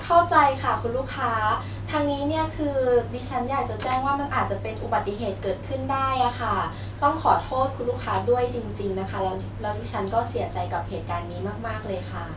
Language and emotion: Thai, neutral